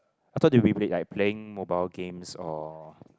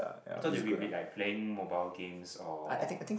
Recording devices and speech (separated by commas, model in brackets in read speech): close-talking microphone, boundary microphone, conversation in the same room